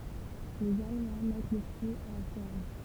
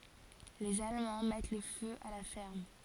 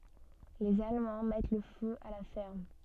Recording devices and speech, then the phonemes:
temple vibration pickup, forehead accelerometer, soft in-ear microphone, read sentence
lez almɑ̃ mɛt lə fø a la fɛʁm

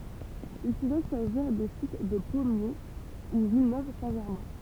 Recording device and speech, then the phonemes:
temple vibration pickup, read sentence
il puʁɛ saʒiʁ de sit də pɔmje u vilnøv sɛ̃ ʒɛʁmɛ̃

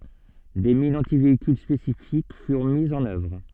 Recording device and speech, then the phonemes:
soft in-ear microphone, read sentence
de minz ɑ̃tiveikyl spesifik fyʁ mizz ɑ̃n œvʁ

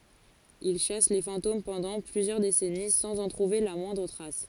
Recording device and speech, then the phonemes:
forehead accelerometer, read sentence
il ʃas le fɑ̃tom pɑ̃dɑ̃ plyzjœʁ desɛni sɑ̃z ɑ̃ tʁuve la mwɛ̃dʁ tʁas

